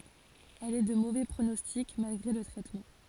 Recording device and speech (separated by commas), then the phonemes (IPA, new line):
forehead accelerometer, read sentence
ɛl ɛ də movɛ pʁonɔstik malɡʁe lə tʁɛtmɑ̃